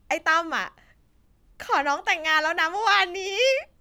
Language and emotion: Thai, happy